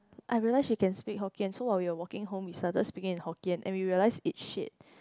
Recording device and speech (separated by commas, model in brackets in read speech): close-talking microphone, conversation in the same room